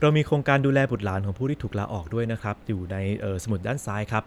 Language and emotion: Thai, neutral